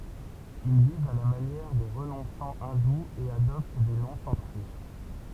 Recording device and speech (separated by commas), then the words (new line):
temple vibration pickup, read sentence
Ils vivent à la manière des renonçants hindous et adoptent des noms sanscrits.